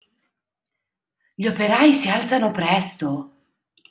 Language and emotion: Italian, surprised